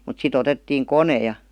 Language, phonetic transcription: Finnish, mut si't ‿otettiiŋ "kone ja .
- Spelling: mutta sitten otettiin kone ja

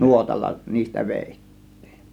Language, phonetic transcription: Finnish, nuotalla niistä "vèit̀tIIN .
- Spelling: nuotalla niistä vedettiin

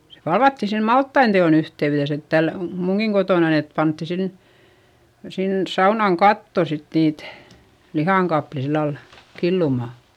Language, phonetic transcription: Finnish, se palvatti sem malttain te₍on ‿yhte₍yδes ‿et täl , muŋGiŋ Gotònan ‿et pantti sin , sins saunaŋ katto sit niit , lihàŋ kapli sillal , killumà .
- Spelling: se palvattiin sen maltaiden teon yhteydessä että täällä minunkin kotonani että pantiin sinne sinne saunan kattoon sitten niitä lihan kappaleita sillä lailla killumaan

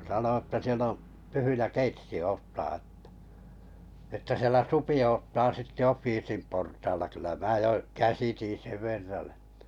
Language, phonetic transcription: Finnish, sano että 'siel ‿o , 'tyhyjä "keitsi 'oottaa ᵉttä , että 'sielä "supi oottaa 'sitte "offiisim portaala kyllä 'mää 'jo , "käsitin̬ 'sev ver̆ran (ᴇtᴀ) .
- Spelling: sanoi että siellä on tyhjä keitsi odottaa että että siellä supi odottaa sitten offiisin portaalla kyllä minä jo käsitin sen verran että

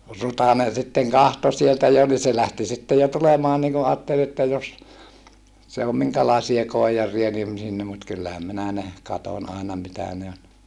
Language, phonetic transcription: Finnish, Rutanen̬ sitteŋ kahto sieltä jo ni se lähti sitte jo tulemaan niŋ ku aattel että jos , se om miŋkälàesia koijar̀ia nim sinne mut kyllähäm minä ne , katoń àena mitä ne on .
- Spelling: Rutanen sitten katsoi sieltä jo niin se lähti sitten jo tulemaan niin kun ajatteli että jos se on minkälaisia koijareita niin sinne mutta kyllähän minä ne katsoin aina mitä ne on

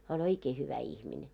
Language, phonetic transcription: Finnish, hää oĺ 'oikee hyvä ihmine .
- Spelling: hän oli oikein hyvä ihminen

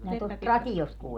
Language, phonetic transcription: Finnish, minä tuolt "rati)ost 'kuu - ...
- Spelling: minä tuolta radiosta -

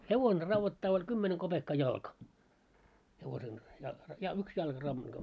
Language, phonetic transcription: Finnish, 'hevone ravvottaa oĺ 'kymmene koʙekka 'jalka , hevosen , ja- , ja- 'yks jalka ravvottaa .
- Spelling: hevonen raudoittaa oli kymmenen kopeekkaa jalka hevosen - - yksi jalka raudoittaa

